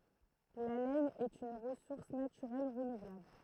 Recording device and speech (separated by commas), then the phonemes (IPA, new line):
throat microphone, read sentence
la lɛn ɛt yn ʁəsuʁs natyʁɛl ʁənuvlabl